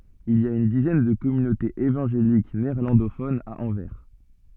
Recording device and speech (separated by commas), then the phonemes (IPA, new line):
soft in-ear microphone, read sentence
il i a yn dizɛn də kɔmynotez evɑ̃ʒelik neɛʁlɑ̃dofonz a ɑ̃vɛʁ